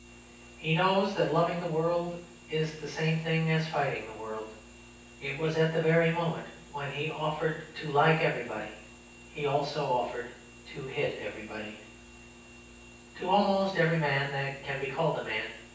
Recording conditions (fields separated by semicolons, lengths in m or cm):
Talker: one person; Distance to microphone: 9.8 m; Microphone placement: far; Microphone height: 1.8 m; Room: large; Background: none